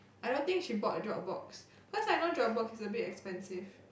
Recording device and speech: boundary microphone, conversation in the same room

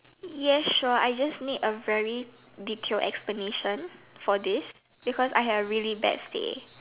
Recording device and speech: telephone, conversation in separate rooms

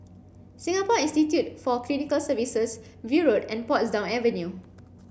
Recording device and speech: boundary microphone (BM630), read sentence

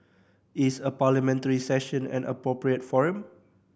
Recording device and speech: boundary microphone (BM630), read sentence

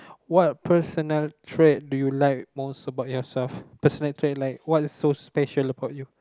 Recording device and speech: close-talking microphone, conversation in the same room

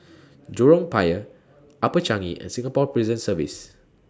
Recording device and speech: standing microphone (AKG C214), read sentence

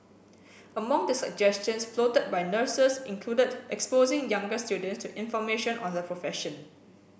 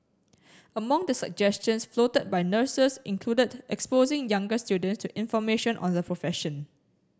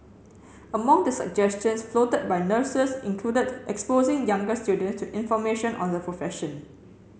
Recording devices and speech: boundary microphone (BM630), standing microphone (AKG C214), mobile phone (Samsung C7), read sentence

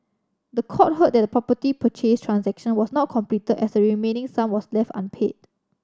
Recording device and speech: standing microphone (AKG C214), read sentence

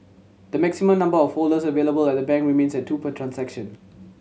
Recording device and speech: mobile phone (Samsung C7100), read sentence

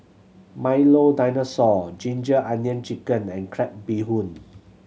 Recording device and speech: mobile phone (Samsung C7100), read sentence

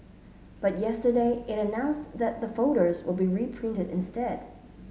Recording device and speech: mobile phone (Samsung S8), read sentence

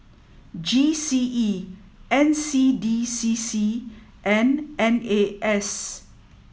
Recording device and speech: mobile phone (iPhone 7), read sentence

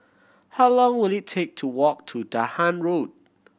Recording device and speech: boundary microphone (BM630), read sentence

